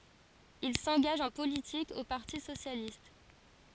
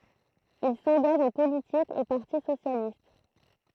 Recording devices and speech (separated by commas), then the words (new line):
forehead accelerometer, throat microphone, read sentence
Il s'engage en politique au Parti socialiste.